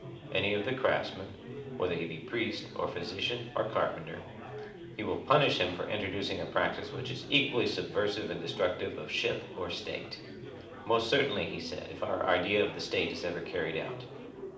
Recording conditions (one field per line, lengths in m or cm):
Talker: one person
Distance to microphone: 2.0 m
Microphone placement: close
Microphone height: 99 cm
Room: medium-sized (5.7 m by 4.0 m)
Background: babble